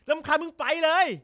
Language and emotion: Thai, angry